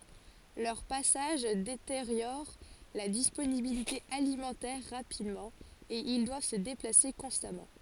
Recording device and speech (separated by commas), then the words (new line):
forehead accelerometer, read sentence
Leurs passages détériorent la disponibilité alimentaire rapidement et ils doivent se déplacer constamment.